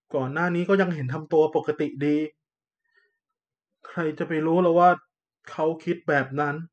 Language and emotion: Thai, frustrated